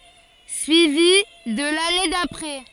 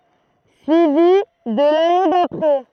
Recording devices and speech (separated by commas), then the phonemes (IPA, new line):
forehead accelerometer, throat microphone, read sentence
syivi də lane dapʁɛ